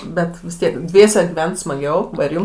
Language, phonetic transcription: Lithuanian, ˈbet vis ˈtiek ˈdviese giˈvent smaˈgiau ˈva ir ˈjum

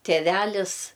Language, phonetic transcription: Lithuanian, tėˈvælis

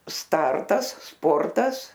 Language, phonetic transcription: Lithuanian, ˈstartas ˈsportas

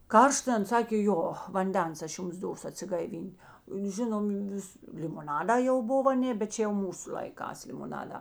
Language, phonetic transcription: Lithuanian, ˈkaršt ˈan ˈsakė ˈjo vanˈdens ˈaš ˈjums ˈdosu atsigaiˈvyn't' ˈžinom ˈvis limoˈnadā jau ˈbov aˈnė bet ˈčia jau ˈmūsu laiˈkās limoˈnadā

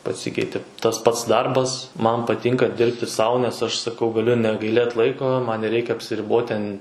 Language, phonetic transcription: Lithuanian, paˈsykeitė ˈtas ˈpats ˈdarbas ˈman paˈtynka ˈdirbti ˈsau nes ˈaš saˈkau gaˈliu negaiˈlėt ˈlaiko ˈman neˈreikia apsiˈribot ten

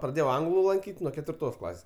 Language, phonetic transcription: Lithuanian, praˈdėjau ˈanglu lanˈkyt' nuo ketvirˈtos ˈklasės

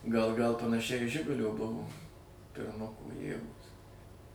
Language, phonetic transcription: Lithuanian, gal gal panaˈšiai į ˈžigulio ˈbuvo pirˈmuko ˈjėgos

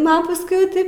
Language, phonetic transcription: Lithuanian, ˈnu a pasˈkui jau ˈtaip

